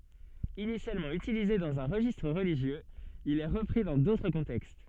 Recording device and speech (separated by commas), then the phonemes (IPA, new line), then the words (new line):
soft in-ear microphone, read sentence
inisjalmɑ̃ ytilize dɑ̃z œ̃ ʁəʒistʁ ʁəliʒjøz il ɛ ʁəpʁi dɑ̃ dotʁ kɔ̃tɛkst
Initialement utilisé dans un registre religieux, il est repris dans d'autres contextes.